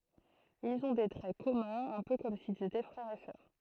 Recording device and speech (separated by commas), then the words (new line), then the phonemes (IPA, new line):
throat microphone, read sentence
Ils ont des traits communs, un peu comme s'ils étaient frères et sœurs.
ilz ɔ̃ de tʁɛ kɔmœ̃z œ̃ pø kɔm silz etɛ fʁɛʁz e sœʁ